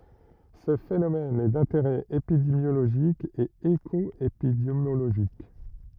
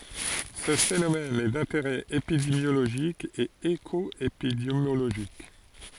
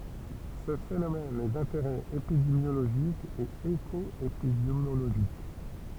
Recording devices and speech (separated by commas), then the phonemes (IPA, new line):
rigid in-ear microphone, forehead accelerometer, temple vibration pickup, read sentence
sə fenomɛn ɛ dɛ̃teʁɛ epidemjoloʒik e ekɔepidemjoloʒik